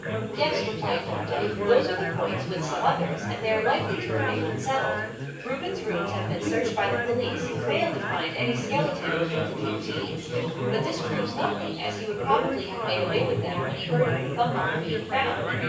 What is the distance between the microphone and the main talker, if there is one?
9.8 m.